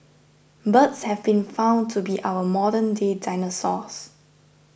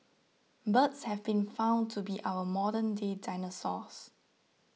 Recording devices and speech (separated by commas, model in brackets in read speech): boundary microphone (BM630), mobile phone (iPhone 6), read sentence